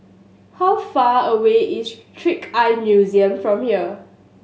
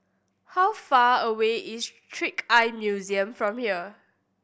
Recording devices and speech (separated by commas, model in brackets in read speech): mobile phone (Samsung S8), boundary microphone (BM630), read sentence